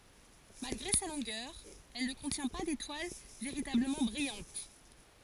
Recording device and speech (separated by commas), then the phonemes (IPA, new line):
forehead accelerometer, read sentence
malɡʁe sa lɔ̃ɡœʁ ɛl nə kɔ̃tjɛ̃ pa detwal veʁitabləmɑ̃ bʁijɑ̃t